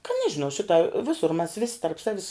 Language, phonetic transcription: Lithuanian, ka ˈnežinau ˈšita ˈvisur mæs ˈvisi tarp ˈsavis

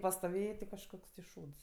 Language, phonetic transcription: Lithuanian, pastoˈvėjė ti kažˈkoks ti ˈšūds

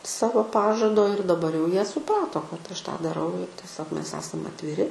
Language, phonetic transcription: Lithuanian, ˈsavo ˈpažado ir daˈbar jau ˈjie suˈprato kad aš ˈtą dˈarau ir tieˈsiog ˈmes ˈesam atviˈri

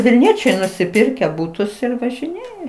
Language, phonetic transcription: Lithuanian, vilˈniečiai nusiˈpirkę ˈbutus ir važiˈnėja

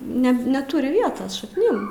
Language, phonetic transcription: Lithuanian, ˈne neˈturi ˈvietos šakˈnim

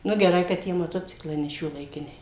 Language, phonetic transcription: Lithuanian, nu geˈrai ka ˈtie maˈtociklai ne šiuolaiˈkiniai

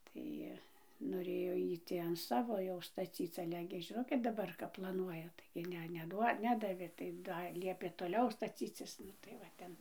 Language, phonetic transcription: Lithuanian, ˈtai noˈrėjo ˈjy ˈtį an ˈsavo jau staˈcyc ˈale gi žiˈnot daˈbar kap plaˈnuoja taigi ˈne neˈduo ˈnedavė tai ˈdar ˈliepė toˈliau staˈcycis ˈnu tai va ˈten

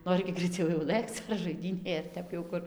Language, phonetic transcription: Lithuanian, ˈnori gi graiˈciau jau ˈlɘkc ar žaiˈdynėj ar ˈtep jau ˈkur

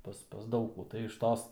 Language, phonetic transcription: Lithuanian, ˈpas pas ˈdaug kų tai iš ˈtos

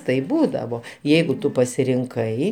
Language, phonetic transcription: Lithuanian, taip ˈbūdavo ˈjeigu ˈtu pasirinˈkai

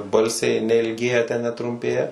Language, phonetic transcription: Lithuanian, ˈbalsiai neilˈgėja ten netrumˈpėja

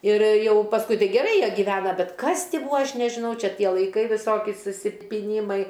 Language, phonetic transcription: Lithuanian, ir ˈjau pasˈkui ˈtai geˈrai ˈjie gyˈvena ˈbet ˈkas ˈtį ˈbūa ˈaš nežiˈnau ˈčia ˈtie laiˈkai viˈsoki susipiˈnymai

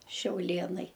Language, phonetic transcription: Lithuanian, šiauˈlėnai

